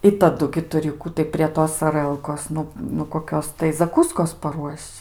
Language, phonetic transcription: Lithuanian, i taˈdu gi tuˈri ˈkų tai prie ˈtos aˈrəlkos ˈnu nu koˈkios tai zaˈkūskos paˈruoš'č'

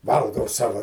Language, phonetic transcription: Lithuanian, ˈvalgau ˈsava

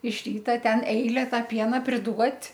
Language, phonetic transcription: Lithuanian, iš ˈryta ˈten ˈeile ˈtą ˈpiena priˈduot'

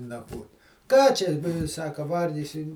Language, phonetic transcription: Lithuanian, nakˈvot ˈką čia vi ˈsaka ˈvargisim

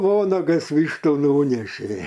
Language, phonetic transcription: Lithuanian, ˈvonagas ˈvyštų ˈnūnešė

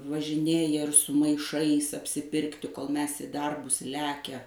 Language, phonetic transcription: Lithuanian, važiˈnėja ir su maiˈšais apsiˈpirkti kol ˈmes i ˈdarbus ˈlekia

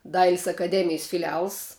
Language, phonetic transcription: Lithuanian, ˈdailis akaˈdemijs filiˈals

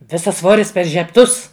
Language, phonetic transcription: Lithuanian, ˈvisas ˈsvoris per žebˈtus

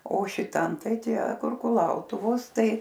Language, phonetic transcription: Lithuanian, o šiˈtam ˈtai ˈtie kur kuˈlautuvos ˈtai

